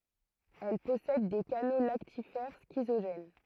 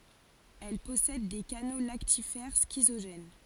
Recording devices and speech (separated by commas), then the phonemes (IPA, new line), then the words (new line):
throat microphone, forehead accelerometer, read sentence
ɛl pɔsɛd de kano laktifɛʁ skizoʒɛn
Elles possèdent des canaux lactifères schizogènes.